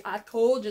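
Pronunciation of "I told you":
In 'I told you', the d at the end of 'told' is dropped.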